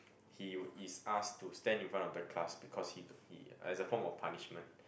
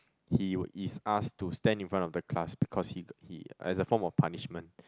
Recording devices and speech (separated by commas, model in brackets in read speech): boundary microphone, close-talking microphone, conversation in the same room